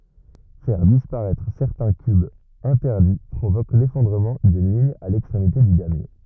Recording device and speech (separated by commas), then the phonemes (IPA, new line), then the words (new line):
rigid in-ear microphone, read sentence
fɛʁ dispaʁɛtʁ sɛʁtɛ̃ kybz ɛ̃tɛʁdi pʁovok lefɔ̃dʁəmɑ̃ dyn liɲ a lɛkstʁemite dy damje
Faire disparaître certains cubes interdits provoque l'effondrement d'une ligne à l'extrémité du damier.